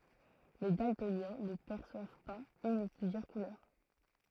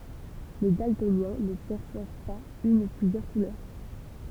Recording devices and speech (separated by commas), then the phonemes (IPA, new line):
throat microphone, temple vibration pickup, read sentence
le daltonjɛ̃ nə pɛʁswav paz yn u plyzjœʁ kulœʁ